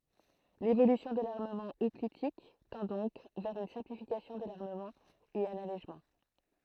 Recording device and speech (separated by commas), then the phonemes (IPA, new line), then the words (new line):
throat microphone, read sentence
levolysjɔ̃ də laʁməmɑ̃ ɔplitik tɑ̃ dɔ̃k vɛʁ yn sɛ̃plifikasjɔ̃ də laʁməmɑ̃ e œ̃n alɛʒmɑ̃
L'évolution de l'armement hoplitique tend donc vers une simplification de l'armement et un allègement.